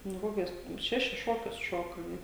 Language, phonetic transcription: Lithuanian, nu ˈkokius ˈšešis ˈšokius ˈšoka nu

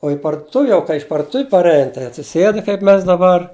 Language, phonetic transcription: Lithuanian, o i parduˈtuvi jau kai iš parduˈtuvi parˈein tai atsiˈsėd kaip ˈmes daˈbar

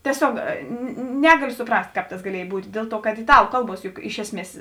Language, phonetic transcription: Lithuanian, tieˈsiog ˈnegaliu suˈprast' ˈkāp tas gaˈliej ˈbūt' ˈdėl ˌtuo kad iˈtalu ˈkalˌbuos juk ˈiš esˌmies

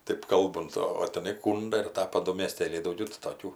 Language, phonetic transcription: Lithuanian, ˈtɜp ˈkalbunt o o teˈnai ˈkūnda ir ˈtapa ˈdu mėˈstėliai dauˈgiau tai toˈkių

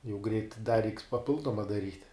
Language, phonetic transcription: Lithuanian, jau greit da reiks paˈpildoma daˈryt'

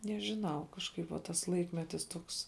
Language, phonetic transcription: Lithuanian, nežiˈnau kažˈkaip va ˈtas ˈlaikmetis ˈtuoks

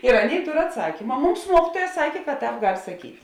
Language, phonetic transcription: Lithuanian, ir ˈaˌnėi ˈtor atˈsakyma ˈmums ˈmuokytuoja ˈsakė kad ˈtāp ˈgal' saˈkyt'

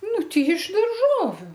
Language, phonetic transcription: Lithuanian, ˈnu ˈtei iš darˈžoviu

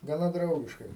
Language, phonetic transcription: Lithuanian, gaˈna ˈdraugiškai

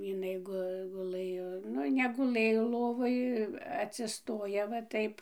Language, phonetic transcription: Lithuanian, jiˈnai ˈgu guˈlɘjo ˈnu neguˈlɘjo ˈlovoj atsiˈstoja va ˈtaip

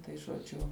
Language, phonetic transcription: Lithuanian, tai žoˈdžiu

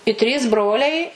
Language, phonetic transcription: Lithuanian, i ˈtrys ˈbroliai

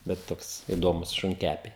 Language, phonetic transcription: Lithuanian, bet ˈtoks iˈdomus šunˈkæpiai

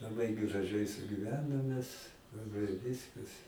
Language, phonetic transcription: Lithuanian, laˈbai graˈžai sugiˈvenom mes vi ˈviskas

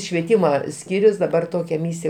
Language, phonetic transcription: Lithuanian, švieˈtyma ˈskyrius daˈbar ˈtokia ˈmysija

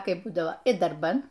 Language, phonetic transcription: Lithuanian, ˈkaip ˈbūdavo i darˈban

